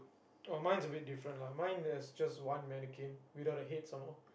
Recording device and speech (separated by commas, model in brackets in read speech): boundary microphone, conversation in the same room